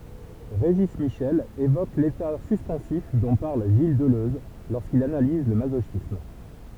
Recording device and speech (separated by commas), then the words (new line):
temple vibration pickup, read sentence
Régis Michel évoque l'état suspensif dont parle Gilles Deleuze, lorsqu'il analyse le masochisme.